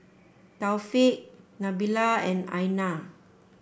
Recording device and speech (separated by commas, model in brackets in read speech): boundary microphone (BM630), read sentence